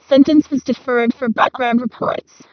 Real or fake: fake